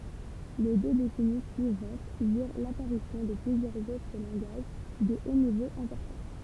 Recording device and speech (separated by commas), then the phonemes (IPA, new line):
temple vibration pickup, read sentence
le dø desɛni syivɑ̃t viʁ lapaʁisjɔ̃ də plyzjœʁz otʁ lɑ̃ɡaʒ də o nivo ɛ̃pɔʁtɑ̃